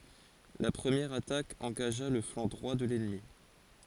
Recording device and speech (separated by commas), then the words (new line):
forehead accelerometer, read sentence
La première attaque engagea le flanc droit de l’ennemi.